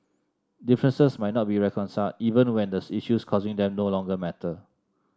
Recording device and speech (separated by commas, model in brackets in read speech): standing microphone (AKG C214), read sentence